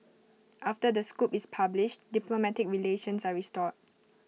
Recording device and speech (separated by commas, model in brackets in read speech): mobile phone (iPhone 6), read sentence